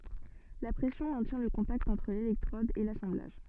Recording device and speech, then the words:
soft in-ear microphone, read sentence
La pression maintient le contact entre l'électrode et l'assemblage.

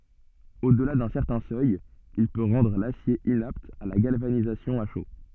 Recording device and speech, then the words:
soft in-ear microphone, read sentence
Au-delà d'un certain seuil, il peut rendre l’acier inapte à la galvanisation à chaud.

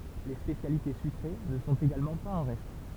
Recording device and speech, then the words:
temple vibration pickup, read sentence
Les spécialités sucrées ne sont également pas en reste.

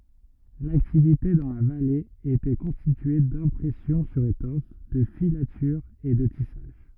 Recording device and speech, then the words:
rigid in-ear microphone, read sentence
L’activité dans la vallée était constituée d'impression sur étoffe, de filatures et de tissage.

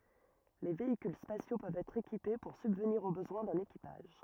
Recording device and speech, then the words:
rigid in-ear microphone, read sentence
Les véhicules spatiaux peuvent être équipés pour subvenir aux besoins d'un équipage.

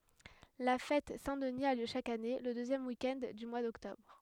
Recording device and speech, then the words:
headset microphone, read sentence
La fête Saint-Denis a lieu chaque année, le deuxième week-end du mois d'octobre.

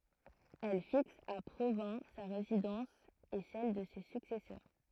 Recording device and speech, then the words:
throat microphone, read sentence
Elle fixe à Provins sa résidence et celle de ses successeurs.

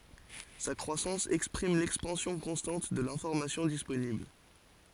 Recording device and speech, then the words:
forehead accelerometer, read sentence
Sa croissance exprime l'expansion constante de l'information disponible.

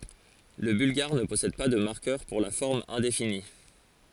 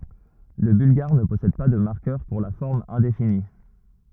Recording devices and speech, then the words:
forehead accelerometer, rigid in-ear microphone, read sentence
Le bulgare ne possède pas de marqueur pour la forme indéfinie.

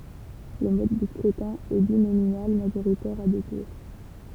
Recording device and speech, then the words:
temple vibration pickup, read sentence
Le mode de scrutin est binominal majoritaire à deux tours.

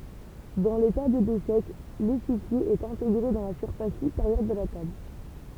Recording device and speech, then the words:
temple vibration pickup, read sentence
Dans les tables d'échecs, l'échiquier est intégré dans la surface supérieure de la table.

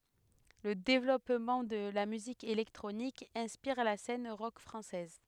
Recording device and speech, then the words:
headset microphone, read sentence
Le développement de la musique électronique inspire la scène rock française.

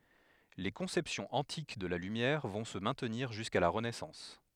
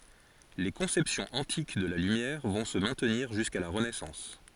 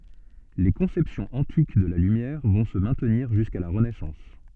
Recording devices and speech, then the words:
headset microphone, forehead accelerometer, soft in-ear microphone, read sentence
Les conceptions antiques de la lumière vont se maintenir jusqu'à la Renaissance.

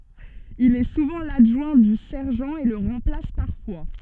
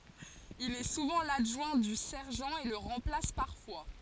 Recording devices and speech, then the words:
soft in-ear microphone, forehead accelerometer, read sentence
Il est souvent l'adjoint du sergent et le remplace parfois.

